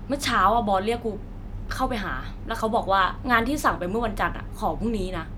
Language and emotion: Thai, frustrated